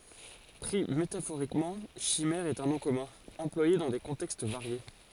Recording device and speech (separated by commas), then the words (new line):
forehead accelerometer, read sentence
Pris métaphoriquement, chimère est un nom commun, employé dans des contextes variés.